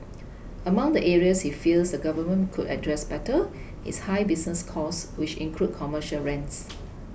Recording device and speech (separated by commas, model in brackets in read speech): boundary microphone (BM630), read sentence